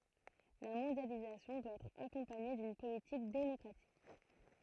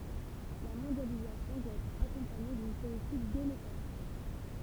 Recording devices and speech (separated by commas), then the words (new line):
throat microphone, temple vibration pickup, read sentence
La mondialisation doit être accompagnée d'une politique démocratique.